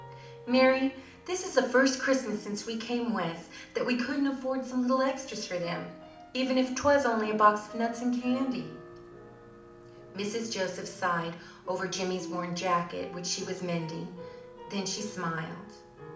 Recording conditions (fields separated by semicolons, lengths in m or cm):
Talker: one person; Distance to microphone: 2.0 m; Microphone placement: close; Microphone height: 99 cm; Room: medium-sized (5.7 m by 4.0 m); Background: music